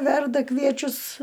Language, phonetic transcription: Lithuanian, ˈverda ˈkviečius

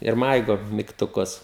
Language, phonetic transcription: Lithuanian, ir ˈmaigo mygtuˈkus

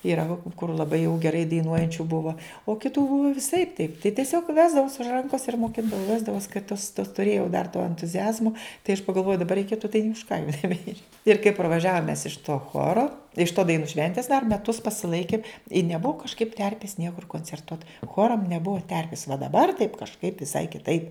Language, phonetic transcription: Lithuanian, yˈra va kur laˈbai jau geˈrai daiˈnuojančiu ˈbuva o kiˈtų viˈsaip taip tai tieˈsiog ˈvesdavaus už ˈrankos ir moˈkindavau ˈvesdavaus kai tos to tuˈrėjau dar to entuziˈazmo tai aš pagalˈvojau daˈbar reiˈkėtu tai nė už ˈką neˈbeič ir kai parvaˈžiavom mes iš to ˈchoro iš to daiˈnų ˈšventės dar meˈtus pasiˈlaikėm i neˈbuvo kažˈkaip ˈterpės ˈniekur koncerˈtuot ˈchoram neˈbuva ˈterpės va daˈbar taip kažˈkaip viˈsai kiˈtaip

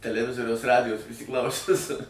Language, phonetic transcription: Lithuanian, teleˈvizoriaus ˈradijos prisiˈklausius

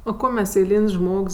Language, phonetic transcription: Lithuanian, o ˈko mes eiˈlyn's' ˈžmogs

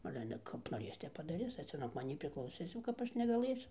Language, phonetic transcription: Lithuanian, ˈale ˈale kap noˈrės ˈtep padaˈris ar ˈcia nuog maˈnį priklauˈsis jau kap ˈaš negaˈlɘsiu

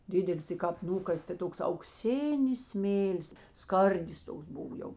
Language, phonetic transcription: Lithuanian, ˈdidelis tai kāp ˈnūkas' ta ˈtoks aukˈsinis ˈsmėlis ˈskardis ˈtoks ˈbuvo ˈjau

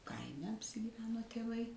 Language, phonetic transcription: Lithuanian, ˈkaime apsigyˈveno tėˈvai

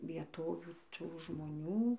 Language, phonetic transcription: Lithuanian, vieˈtovių ˈtų žmoˈnių

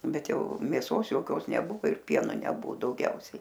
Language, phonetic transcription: Lithuanian, ˈbet ˈjau mėˈsos joˈkios neˈbuvo ir ˈpieno ˈnebu dauˈgiausiai

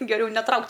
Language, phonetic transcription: Lithuanian, geˈriau neˈtraukt'

